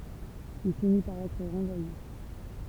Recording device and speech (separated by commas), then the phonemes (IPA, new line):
temple vibration pickup, read sentence
il fini paʁ ɛtʁ ʁɑ̃vwaje